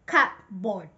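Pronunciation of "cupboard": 'Cupboard' is pronounced incorrectly here, with the p sound said aloud.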